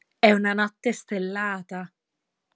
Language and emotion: Italian, happy